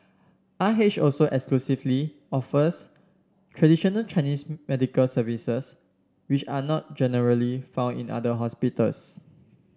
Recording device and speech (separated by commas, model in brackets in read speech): standing microphone (AKG C214), read sentence